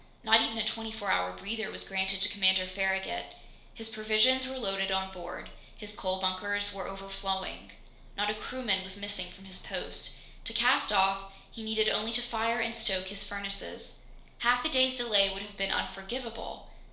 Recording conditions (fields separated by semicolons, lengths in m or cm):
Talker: one person; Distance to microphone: 1.0 m; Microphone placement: close; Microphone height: 1.1 m; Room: small (3.7 m by 2.7 m); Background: none